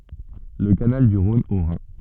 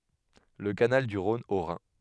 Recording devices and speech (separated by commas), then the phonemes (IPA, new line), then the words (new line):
soft in-ear microphone, headset microphone, read sentence
lə kanal dy ʁɔ̃n o ʁɛ̃
Le Canal du Rhône au Rhin.